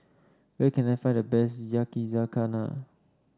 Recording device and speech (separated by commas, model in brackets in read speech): standing microphone (AKG C214), read sentence